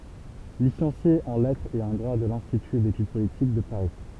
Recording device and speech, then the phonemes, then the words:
temple vibration pickup, read sentence
lisɑ̃sje ɑ̃ lɛtʁz e ɑ̃ dʁwa də lɛ̃stity detyd politik də paʁi
Licencié en lettres et en droit de l'Institut d'études politiques de Paris.

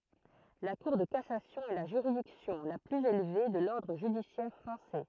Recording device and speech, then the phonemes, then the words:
throat microphone, read sentence
la kuʁ də kasasjɔ̃ ɛ la ʒyʁidiksjɔ̃ la plyz elve də lɔʁdʁ ʒydisjɛʁ fʁɑ̃sɛ
La Cour de cassation est la juridiction la plus élevée de l'ordre judiciaire français.

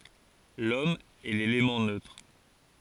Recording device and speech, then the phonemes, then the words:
forehead accelerometer, read sentence
lɔm ɛ lelemɑ̃ nøtʁ
L’Homme est l’élément neutre.

